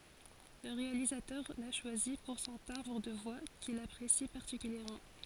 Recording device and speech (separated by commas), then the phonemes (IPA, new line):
forehead accelerometer, read sentence
lə ʁealizatœʁ la ʃwazi puʁ sɔ̃ tɛ̃bʁ də vwa kil apʁesi paʁtikyljɛʁmɑ̃